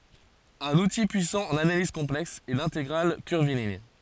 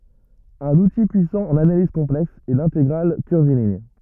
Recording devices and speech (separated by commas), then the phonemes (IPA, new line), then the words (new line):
forehead accelerometer, rigid in-ear microphone, read sentence
œ̃n uti pyisɑ̃ ɑ̃n analiz kɔ̃plɛks ɛ lɛ̃teɡʁal kyʁviliɲ
Un outil puissant en analyse complexe est l'intégrale curviligne.